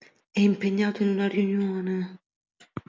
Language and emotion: Italian, sad